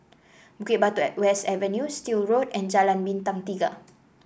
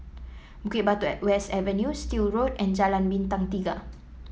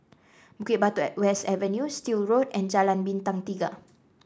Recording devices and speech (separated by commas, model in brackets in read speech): boundary microphone (BM630), mobile phone (iPhone 7), standing microphone (AKG C214), read sentence